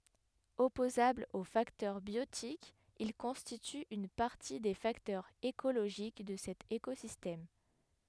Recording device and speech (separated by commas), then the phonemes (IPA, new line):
headset microphone, read sentence
ɔpozablz o faktœʁ bjotikz il kɔ̃stityt yn paʁti de faktœʁz ekoloʒik də sɛt ekozistɛm